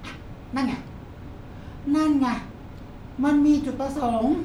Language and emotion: Thai, frustrated